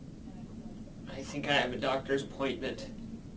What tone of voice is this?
fearful